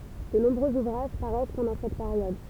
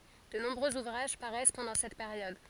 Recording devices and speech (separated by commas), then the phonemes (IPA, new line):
temple vibration pickup, forehead accelerometer, read sentence
də nɔ̃bʁøz uvʁaʒ paʁɛs pɑ̃dɑ̃ sɛt peʁjɔd